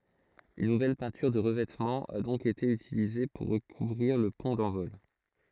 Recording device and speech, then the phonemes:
throat microphone, read sentence
yn nuvɛl pɛ̃tyʁ də ʁəvɛtmɑ̃ a dɔ̃k ete ytilize puʁ ʁəkuvʁiʁ lə pɔ̃ dɑ̃vɔl

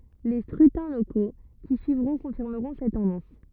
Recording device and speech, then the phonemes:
rigid in-ear microphone, read sentence
le skʁytɛ̃ loko ki syivʁɔ̃ kɔ̃fiʁməʁɔ̃ sɛt tɑ̃dɑ̃s

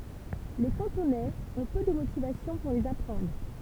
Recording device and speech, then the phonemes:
temple vibration pickup, read sentence
le kɑ̃tonɛz ɔ̃ pø də motivasjɔ̃ puʁ lez apʁɑ̃dʁ

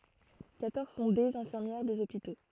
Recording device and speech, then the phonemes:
throat microphone, read sentence
kwatɔʁz sɔ̃ dez ɛ̃fiʁmjɛʁ dez opito

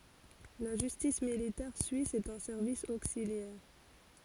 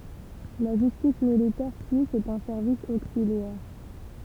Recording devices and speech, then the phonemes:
forehead accelerometer, temple vibration pickup, read sentence
la ʒystis militɛʁ syis ɛt œ̃ sɛʁvis oksiljɛʁ

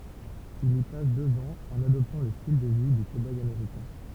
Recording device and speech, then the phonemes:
temple vibration pickup, read sentence
il i pas døz ɑ̃z ɑ̃n adɔptɑ̃ lə stil də vi dy koboj ameʁikɛ̃

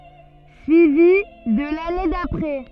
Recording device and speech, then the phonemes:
soft in-ear microphone, read sentence
syivi də lane dapʁɛ

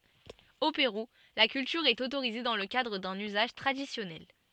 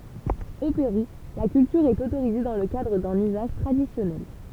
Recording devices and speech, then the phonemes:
soft in-ear microphone, temple vibration pickup, read sentence
o peʁu la kyltyʁ ɛt otoʁize dɑ̃ lə kadʁ dœ̃n yzaʒ tʁadisjɔnɛl

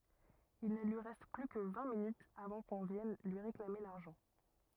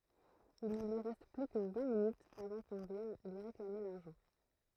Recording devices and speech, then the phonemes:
rigid in-ear microphone, throat microphone, read sentence
il nə lyi ʁɛst ply kə vɛ̃ minytz avɑ̃ kɔ̃ vjɛn lyi ʁeklame laʁʒɑ̃

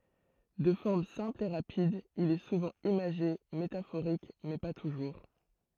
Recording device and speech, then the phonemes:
throat microphone, read sentence
də fɔʁm sɛ̃pl e ʁapid il ɛ suvɑ̃ imaʒe metafoʁik mɛ pa tuʒuʁ

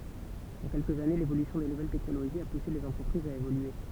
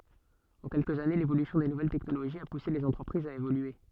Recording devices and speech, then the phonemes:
temple vibration pickup, soft in-ear microphone, read sentence
ɑ̃ kɛlkəz ane levolysjɔ̃ de nuvɛl tɛknoloʒiz a puse lez ɑ̃tʁəpʁizz a evolye

